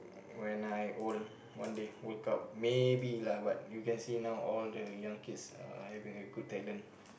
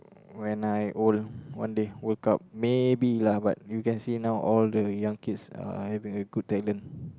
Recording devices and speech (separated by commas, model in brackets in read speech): boundary microphone, close-talking microphone, conversation in the same room